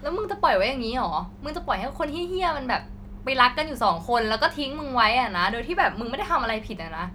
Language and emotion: Thai, angry